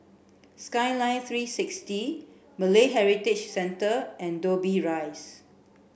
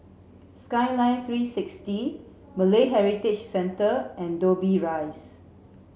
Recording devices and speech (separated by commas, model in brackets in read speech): boundary microphone (BM630), mobile phone (Samsung C7), read sentence